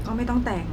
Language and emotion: Thai, neutral